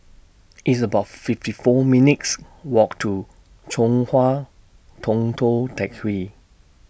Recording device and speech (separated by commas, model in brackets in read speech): boundary microphone (BM630), read sentence